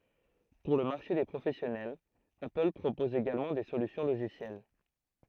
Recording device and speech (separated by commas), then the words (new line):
throat microphone, read sentence
Pour le marché des professionnels, Apple propose également des solutions logicielles.